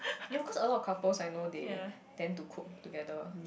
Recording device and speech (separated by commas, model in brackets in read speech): boundary microphone, conversation in the same room